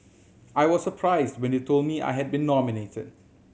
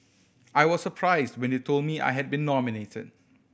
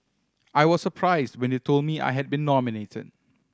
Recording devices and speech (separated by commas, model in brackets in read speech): mobile phone (Samsung C7100), boundary microphone (BM630), standing microphone (AKG C214), read sentence